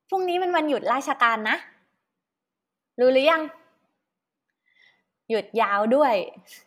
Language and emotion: Thai, happy